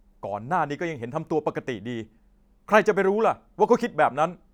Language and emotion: Thai, angry